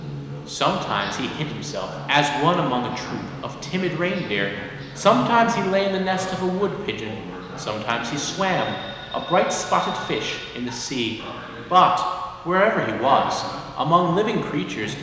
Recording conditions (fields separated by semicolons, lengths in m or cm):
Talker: one person; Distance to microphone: 1.7 m; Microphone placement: close; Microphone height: 1.0 m; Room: very reverberant, large; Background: television